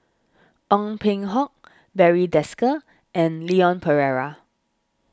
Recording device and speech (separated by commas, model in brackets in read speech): standing microphone (AKG C214), read sentence